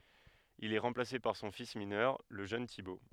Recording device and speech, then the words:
headset microphone, read sentence
Il est remplacé par son fils mineur, le jeune Thibaut.

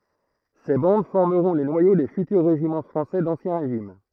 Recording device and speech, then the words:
throat microphone, read sentence
Ces bandes formeront les noyaux des futurs régiments français d'Ancien Régime.

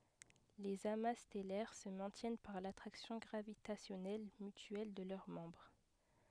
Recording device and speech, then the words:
headset microphone, read sentence
Les amas stellaires se maintiennent par l'attraction gravitationnelle mutuelle de leurs membres.

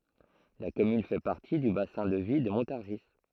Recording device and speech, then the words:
throat microphone, read sentence
La commune fait partie du bassin de vie de Montargis.

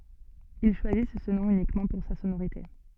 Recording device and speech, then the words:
soft in-ear microphone, read sentence
Ils choisissent ce nom uniquement pour sa sonorité.

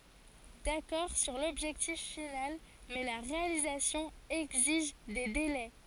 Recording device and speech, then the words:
forehead accelerometer, read sentence
D'accord sur l'objectif final, mais la réalisation exige des délais.

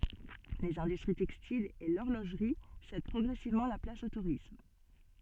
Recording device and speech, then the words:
soft in-ear microphone, read sentence
Les industries textiles et l'horlogerie cèdent progressivement la place au tourisme.

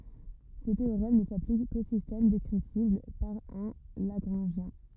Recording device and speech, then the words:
rigid in-ear microphone, read sentence
Ce théorème ne s'applique qu'aux systèmes descriptibles par un lagrangien.

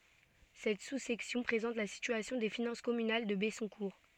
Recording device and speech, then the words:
soft in-ear microphone, read sentence
Cette sous-section présente la situation des finances communales de Bessoncourt.

